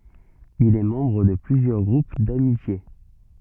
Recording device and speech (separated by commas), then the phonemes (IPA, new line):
soft in-ear microphone, read sentence
il ɛ mɑ̃bʁ də plyzjœʁ ɡʁup damitje